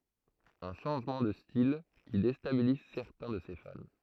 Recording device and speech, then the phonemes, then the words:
throat microphone, read sentence
œ̃ ʃɑ̃ʒmɑ̃ də stil ki destabiliz sɛʁtɛ̃ də se fan
Un changement de style qui déstabilise certains de ses fans.

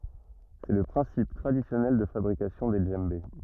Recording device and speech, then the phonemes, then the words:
rigid in-ear microphone, read sentence
sɛ lə pʁɛ̃sip tʁadisjɔnɛl də fabʁikasjɔ̃ de dʒɑ̃be
C'est le principe traditionnel de fabrication des djembés.

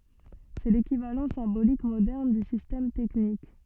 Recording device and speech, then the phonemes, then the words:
soft in-ear microphone, read sentence
sɛ lekivalɑ̃ sɛ̃bolik modɛʁn dy sistɛm tɛknik
C'est l'équivalent symbolique moderne du système technique.

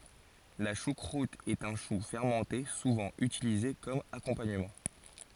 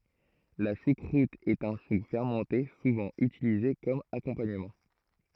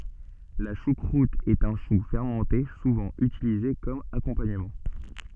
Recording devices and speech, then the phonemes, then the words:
forehead accelerometer, throat microphone, soft in-ear microphone, read sentence
la ʃukʁut ɛt œ̃ ʃu fɛʁmɑ̃te suvɑ̃ ytilize kɔm akɔ̃paɲəmɑ̃
La choucroute est un chou fermenté souvent utilisé comme accompagnement.

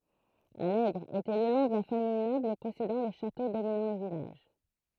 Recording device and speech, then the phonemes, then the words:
throat microphone, read sentence
alɛɡʁ etɛ lə nɔ̃ də la famij nɔbl pɔsedɑ̃ lə ʃato dominɑ̃ lə vilaʒ
Allègre était le nom de la famille noble possédant le château dominant le village.

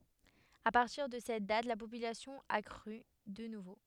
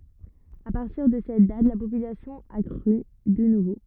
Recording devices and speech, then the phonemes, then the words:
headset microphone, rigid in-ear microphone, read sentence
a paʁtiʁ də sɛt dat la popylasjɔ̃ a kʁy də nuvo
À partir de cette date la population a crû de nouveau.

